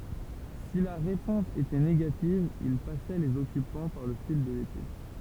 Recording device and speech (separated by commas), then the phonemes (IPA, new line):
temple vibration pickup, read sentence
si la ʁepɔ̃s etɛ neɡativ il pasɛ lez ɔkypɑ̃ paʁ lə fil də lepe